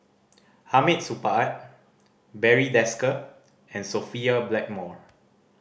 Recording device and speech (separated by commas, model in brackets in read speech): boundary microphone (BM630), read sentence